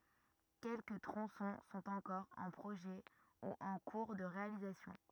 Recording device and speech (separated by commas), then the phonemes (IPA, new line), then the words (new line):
rigid in-ear microphone, read sentence
kɛlkə tʁɔ̃sɔ̃ sɔ̃t ɑ̃kɔʁ ɑ̃ pʁoʒɛ u ɑ̃ kuʁ də ʁealizasjɔ̃
Quelques tronçons sont encore en projet ou en cours de réalisation.